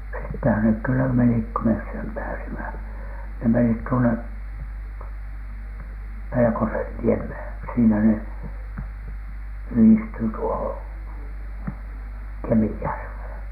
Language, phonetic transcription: Finnish, sittehän nek kyllä menik ko mes sem 'pääsimä , ne menit 'tuone , "PelekosenniemhèN , siinä ne yhistyy tuohoN , "KemijärVhèn .
- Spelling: sittenhän ne kyllä menivät kun me sen pääsimme ne menivät tuone Pelkosenniemeen siinä ne yhdistyy tuohon Kemijärveen

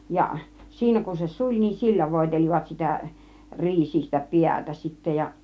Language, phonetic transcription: Finnish, ja 'siinä kun se "suĺ niin "sillä 'vòitel͕ivat 'sitä , 'riisistä "piätä sittä ja .
- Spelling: ja siinä kun se suli niin sillä voitelivat sitä riisistä päätä sitten ja

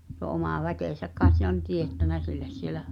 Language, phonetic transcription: Finnish, tuo omà 'väkèsäk kaet se on 'tiettänä silles sielä ,.
- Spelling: tuo oma väkensä kai se on teettänyt sille siellä

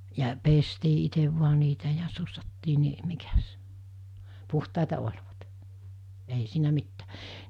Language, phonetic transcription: Finnish, ja 'pestii itev vua niitä ja 'sussattii ni , 'mikäs , 'puhtàeta oĺvat , ei siinä 'mittää .
- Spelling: ja pestiin itse vain niitä ja sussattiin niin mikäs puhtaita olivat ei siinä mitään

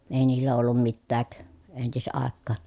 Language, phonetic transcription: Finnish, èi niillä ollum mittääk , entis₍àekkaan .
- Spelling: ei niillä ollut mitään entisaikaan

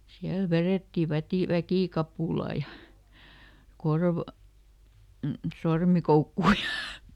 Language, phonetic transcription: Finnish, ˈsiäl ˈverètti ˈvätì- "väkìkapùla ja , ˈkorv- , "sormikoukku₍a ja ,.
- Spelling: siellä vedettiin - väkikapula ja - sormikoukkua ja

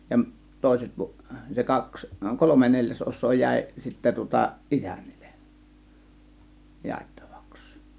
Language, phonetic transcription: Finnish, jamˀ , 'tòėset pu- , se "kaks , "kolome 'neĺjäsˀos̆soo 'jä̀ė , sittä tŭŏta , "ˀisÄNNIL̆LE , 'jàettAVAks .
- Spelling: ja toiset - se kaksi kolme neljäsosaa jäi sitten tuota isännille jaettavaksi

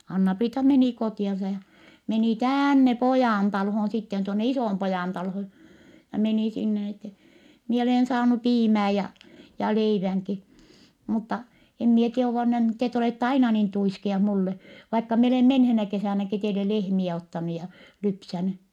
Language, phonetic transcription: Finnish, Anna-Priita menì kotì₍ansa ja , meni täänne Pojaantalhon sitten , tuonne Isòmpojàntalhon̬ , ja menì sinne n ‿ettɛ , » mie olèn saanu piimää ja , ja leiväŋki , mutta , em mie tie (oŋko ne nyt) tet ‿olètta aina niin tuiskiah mulle , vaikka mie olè menheenä kesä̀näki teile lehmiɛ ottanu ja , lypsäny » .
- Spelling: Anna-Priita meni kotiansa ja meni tänne Pojantaloon sitten tuonne Isonpojantaloon ja meni sinne niin että minä olen saanut piimää ja ja leivänkin mutta en minä tiedä onko ne nyt te olette aina niin tuiskea minulle vaikka minä olen menneenä kesänäkin teille lehmiä ottanut ja lypsänyt

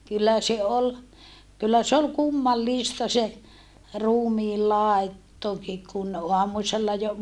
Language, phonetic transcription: Finnish, kyllä se ol , kyllä se ol kummallista se , ruumii làettoki kun , oamusella jo ,.
- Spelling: kyllä se oli kyllä se oli kummallista se ruumiin laittokin kun aamusella jo

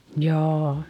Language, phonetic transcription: Finnish, jaa .
- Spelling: jaa

